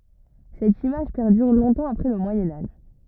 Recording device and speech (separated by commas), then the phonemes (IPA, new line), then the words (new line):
rigid in-ear microphone, read sentence
sɛt imaʒ pɛʁdyʁ lɔ̃tɑ̃ apʁɛ lə mwajɛ̃ aʒ
Cette image perdure longtemps après le Moyen Âge.